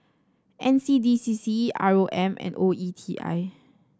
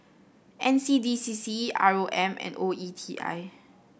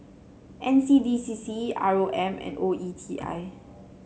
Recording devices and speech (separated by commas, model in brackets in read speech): standing microphone (AKG C214), boundary microphone (BM630), mobile phone (Samsung C7), read sentence